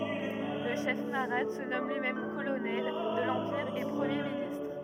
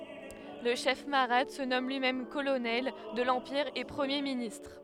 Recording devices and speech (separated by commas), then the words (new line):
rigid in-ear microphone, headset microphone, read sentence
Le chef mahratte se nomme lui-même Colonel de l'empire et premier ministre.